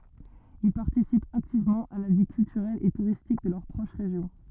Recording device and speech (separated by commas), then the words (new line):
rigid in-ear microphone, read sentence
Ils participent activement à la vie culturelle et touristique de leur proche région.